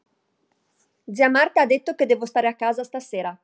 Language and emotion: Italian, angry